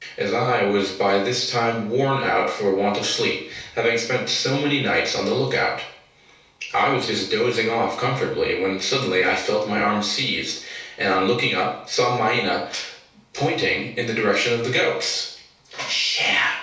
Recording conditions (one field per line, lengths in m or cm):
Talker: one person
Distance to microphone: 3.0 m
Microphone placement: far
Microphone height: 1.8 m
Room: small (3.7 m by 2.7 m)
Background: none